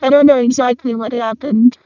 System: VC, vocoder